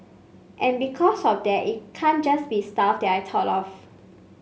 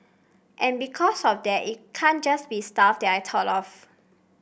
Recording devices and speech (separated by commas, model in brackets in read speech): mobile phone (Samsung C5), boundary microphone (BM630), read sentence